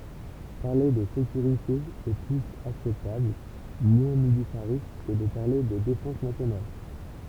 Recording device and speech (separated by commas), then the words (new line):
temple vibration pickup, read sentence
Parler de sécurité est plus acceptable, moins militariste que de parler de défense nationale.